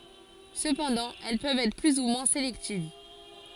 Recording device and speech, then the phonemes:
forehead accelerometer, read sentence
səpɑ̃dɑ̃ ɛl pøvt ɛtʁ ply u mwɛ̃ selɛktiv

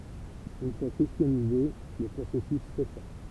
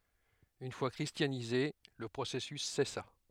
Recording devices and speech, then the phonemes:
temple vibration pickup, headset microphone, read sentence
yn fwa kʁistjanize lə pʁosɛsys sɛsa

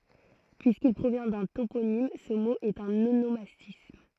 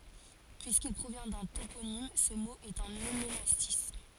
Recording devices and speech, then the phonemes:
throat microphone, forehead accelerometer, read sentence
pyiskil pʁovjɛ̃ dœ̃ toponim sə mo ɛt œ̃n onomastism

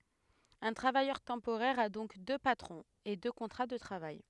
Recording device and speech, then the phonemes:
headset microphone, read sentence
œ̃ tʁavajœʁ tɑ̃poʁɛʁ a dɔ̃k dø patʁɔ̃z e dø kɔ̃tʁa də tʁavaj

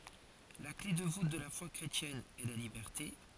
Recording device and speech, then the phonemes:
forehead accelerometer, read sentence
la kle də vut də la fwa kʁetjɛn ɛ la libɛʁte

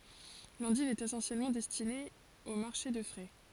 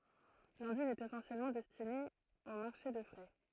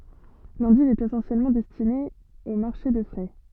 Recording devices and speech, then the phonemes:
forehead accelerometer, throat microphone, soft in-ear microphone, read sentence
lɑ̃div ɛt esɑ̃sjɛlmɑ̃ dɛstine o maʁʃe də fʁɛ

